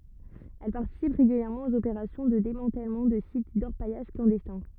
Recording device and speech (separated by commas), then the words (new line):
rigid in-ear microphone, read sentence
Elle participe régulièrement aux opérations de démantèlement de sites d’orpaillage clandestins.